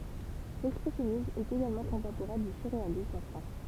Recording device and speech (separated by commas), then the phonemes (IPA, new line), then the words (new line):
temple vibration pickup, read sentence
lɛkspʁɛsjɔnism ɛt eɡalmɑ̃ kɔ̃tɑ̃poʁɛ̃ dy syʁʁealism ɑ̃ fʁɑ̃s
L'expressionnisme est également contemporain du surréalisme en France.